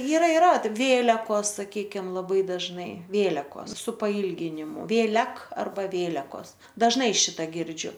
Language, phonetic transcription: Lithuanian, yˈra iˈra ˈvėlekos saˈkykim laˈbai dažˈnai ˈvėlekos su paˈylginimu vėˈlek arˈba ˈvėlekos dažˈnai ˈšita ˈgirdžiu

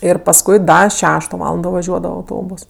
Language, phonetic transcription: Lithuanian, ir pasˈkui ˈda ˈšešto ˈvalando vaˈžiuodava auˈtobos

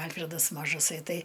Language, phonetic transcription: Lithuanian, ˈalfredas mažaˈsai ˈtai

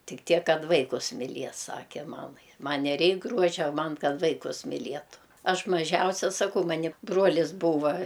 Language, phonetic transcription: Lithuanian, ˈtik ˈtiek ˈkad ˈvaikus miˈlies ˈsake ˈmamai ˈman' neˈreik ˈgruožia ˈman ˈkad ˈvaikus miˈlietu ˈaš maˈžiausia saˈkau ˈmani ˈbruolis ˈbūva

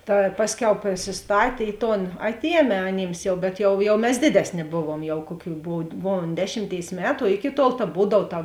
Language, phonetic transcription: Lithuanian, ta ˈpasˌkiau prisisˈtatė ˈi ˌton ˈatˌiemė aˈnyms jau bet jau jau mes ˈdėdesˌnė ˈbovuom jau ˈkuoˌkių ˈbov ˈbovuom ˈdešimˌtėis ˈmetu o ˈiki tuol ta ˈbūdav ta

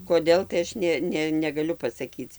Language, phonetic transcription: Lithuanian, koˈdėl tai ˈaš ne ˈne negaˈliu pasaˈkyc

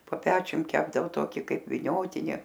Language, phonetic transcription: Lithuanian, po ˈpečium ˈkepdavo ˈtoki ˈkaip viˈniotini

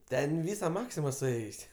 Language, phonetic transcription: Lithuanian, ˈten ˈvysa ˈmaksima suˈėjusi

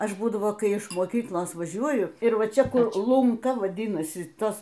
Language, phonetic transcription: Lithuanian, ˈaš ˈbūdavo ˈkai iš moˈkyklos vaˈžiuoju ir ˈva ˈčia ˈkur lunˈka vaˈdinasi ˈtas

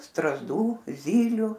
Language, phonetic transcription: Lithuanian, strazˈdų ˈzyliu

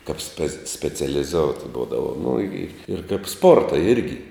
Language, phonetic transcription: Lithuanian, kap spe specialiˈzout' ˈbūdavo nu i ir kaip ˈsporta ˈirgi

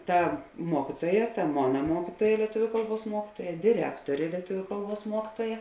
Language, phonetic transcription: Lithuanian, ˈta ˈmuokituoja ta ˈmona ˈmuokituoja lieˈtuviu ˈkalˌbuos ˈmuokituoja diˈrektorė lieˈtuviu ˈkalˌbuos ˈmuokituoja

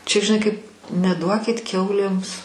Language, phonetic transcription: Lithuanian, čia žiˈnai kaip neˈduokit ˈkiaulėms

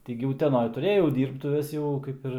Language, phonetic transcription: Lithuanian, ˈti gi uteˈnoj tuˈrėjau ˈdyrbtuves jau ˈkaip ir

